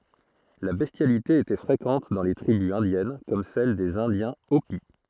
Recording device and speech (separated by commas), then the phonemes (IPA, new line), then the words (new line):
throat microphone, read sentence
la bɛstjalite etɛ fʁekɑ̃t dɑ̃ le tʁibys ɛ̃djɛn kɔm sɛl dez ɛ̃djɛ̃ opi
La bestialité était fréquente dans les tribus indiennes comme celles des Indiens Hopi.